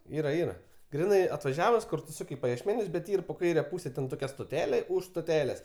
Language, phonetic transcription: Lithuanian, ˈyra ˈyra ˈgrinai atvaˈžiavus ˈkur tu ˈsuk' į pajiešˈmenius bet ˈyr po ˈkaire ˈpūse ˈten toˈkia stoˈtelė už stoˈtelės

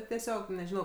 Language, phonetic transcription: Lithuanian, tieˈsiog nežiˈnau

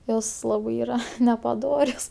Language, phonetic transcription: Lithuanian, ˈjos ˈlabɜ ˈyra nepaˈdorios

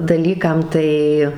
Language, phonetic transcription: Lithuanian, daˈlykam ˈtai

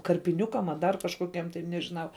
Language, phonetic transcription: Lithuanian, karpiˈniukam a dar kažkoˈkiem tai nežiˈnau

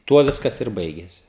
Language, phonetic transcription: Lithuanian, ˈtuo ˈviskas ir ˈbaigėsi

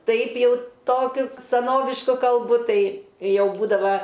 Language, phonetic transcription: Lithuanian, ˈtaip ˈjau ˈtokiu saˈnovišku kalˈbu ˈtai ˈjau ˈbūdava

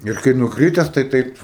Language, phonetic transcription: Lithuanian, ir kai nukˈrytes tai ˈtaip

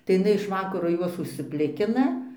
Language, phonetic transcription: Lithuanian, tai iš iˈnai iš ˈvakaro ˈjuos užsiˈplikina

